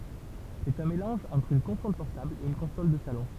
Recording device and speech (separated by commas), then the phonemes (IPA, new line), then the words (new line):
temple vibration pickup, read sentence
sɛt œ̃ melɑ̃ʒ ɑ̃tʁ yn kɔ̃sɔl pɔʁtabl e yn kɔ̃sɔl də salɔ̃
C'est un mélange entre une console portable et une console de salon.